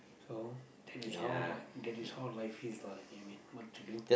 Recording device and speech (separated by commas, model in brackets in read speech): boundary microphone, conversation in the same room